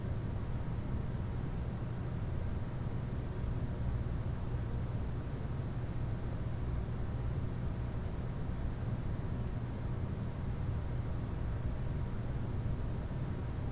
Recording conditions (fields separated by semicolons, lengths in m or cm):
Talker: no one; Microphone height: 2.7 m; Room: medium-sized (5.7 m by 4.0 m); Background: none